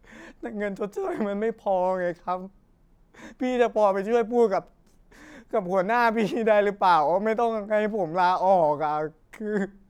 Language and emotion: Thai, sad